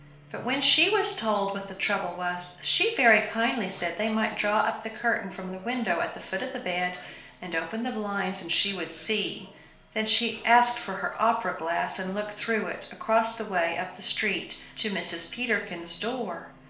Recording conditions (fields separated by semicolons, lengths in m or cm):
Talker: one person; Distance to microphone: 1.0 m; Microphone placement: close; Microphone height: 1.1 m; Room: small (3.7 m by 2.7 m); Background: television